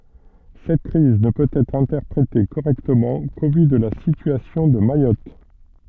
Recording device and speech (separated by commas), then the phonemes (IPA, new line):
soft in-ear microphone, read sentence
sɛt kʁiz nə pøt ɛtʁ ɛ̃tɛʁpʁete koʁɛktəmɑ̃ ko vy də la sityasjɔ̃ də majɔt